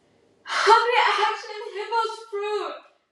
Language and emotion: English, sad